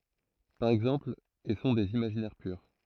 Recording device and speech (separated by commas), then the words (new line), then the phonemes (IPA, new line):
throat microphone, read sentence
Par exemple, et sont des imaginaires purs.
paʁ ɛɡzɑ̃pl e sɔ̃ dez imaʒinɛʁ pyʁ